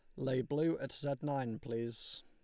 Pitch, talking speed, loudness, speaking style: 135 Hz, 175 wpm, -38 LUFS, Lombard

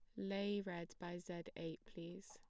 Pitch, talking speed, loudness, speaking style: 175 Hz, 175 wpm, -47 LUFS, plain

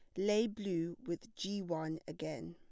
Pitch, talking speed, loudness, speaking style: 170 Hz, 155 wpm, -39 LUFS, plain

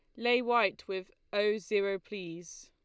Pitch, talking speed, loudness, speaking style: 205 Hz, 145 wpm, -32 LUFS, Lombard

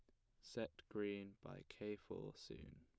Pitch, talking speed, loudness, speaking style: 100 Hz, 155 wpm, -51 LUFS, plain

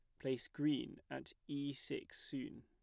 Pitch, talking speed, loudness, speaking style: 140 Hz, 150 wpm, -44 LUFS, plain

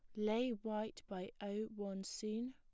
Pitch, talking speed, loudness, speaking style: 215 Hz, 155 wpm, -43 LUFS, plain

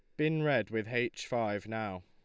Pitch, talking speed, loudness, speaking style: 115 Hz, 195 wpm, -33 LUFS, Lombard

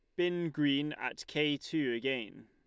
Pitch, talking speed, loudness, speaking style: 150 Hz, 160 wpm, -34 LUFS, Lombard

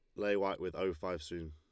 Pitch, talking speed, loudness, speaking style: 90 Hz, 275 wpm, -38 LUFS, Lombard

